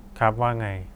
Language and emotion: Thai, neutral